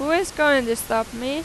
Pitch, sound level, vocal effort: 275 Hz, 93 dB SPL, loud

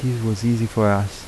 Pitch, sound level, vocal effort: 110 Hz, 79 dB SPL, soft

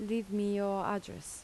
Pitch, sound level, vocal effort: 205 Hz, 80 dB SPL, normal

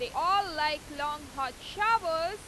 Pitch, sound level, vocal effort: 325 Hz, 100 dB SPL, very loud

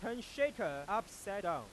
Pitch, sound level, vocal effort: 215 Hz, 101 dB SPL, very loud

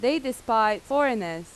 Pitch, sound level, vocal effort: 240 Hz, 89 dB SPL, very loud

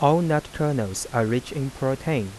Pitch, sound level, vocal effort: 135 Hz, 86 dB SPL, soft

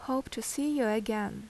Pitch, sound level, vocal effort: 230 Hz, 78 dB SPL, normal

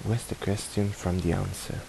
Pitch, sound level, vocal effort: 100 Hz, 74 dB SPL, soft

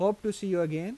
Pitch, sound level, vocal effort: 195 Hz, 88 dB SPL, normal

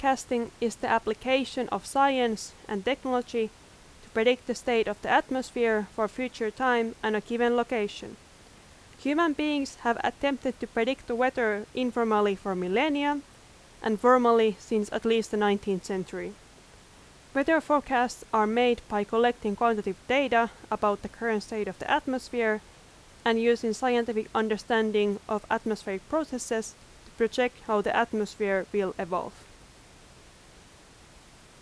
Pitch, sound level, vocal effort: 230 Hz, 86 dB SPL, very loud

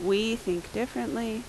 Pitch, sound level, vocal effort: 225 Hz, 81 dB SPL, loud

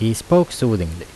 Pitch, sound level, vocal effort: 115 Hz, 82 dB SPL, normal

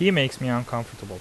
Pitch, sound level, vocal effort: 120 Hz, 85 dB SPL, normal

